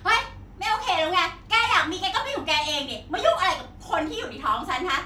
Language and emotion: Thai, angry